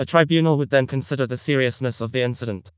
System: TTS, vocoder